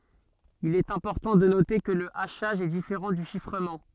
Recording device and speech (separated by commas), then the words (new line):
soft in-ear microphone, read sentence
Il est important de noter que le hachage est différent du chiffrement.